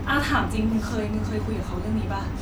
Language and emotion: Thai, frustrated